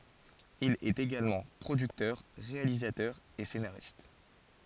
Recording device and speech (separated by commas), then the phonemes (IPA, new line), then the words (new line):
forehead accelerometer, read sentence
il ɛt eɡalmɑ̃ pʁodyktœʁ ʁealizatœʁ e senaʁist
Il est également producteur, réalisateur et scénariste.